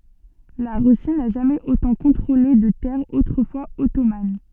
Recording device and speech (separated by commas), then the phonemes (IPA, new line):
soft in-ear microphone, read sentence
la ʁysi na ʒamɛz otɑ̃ kɔ̃tʁole də tɛʁz otʁəfwaz ɔtoman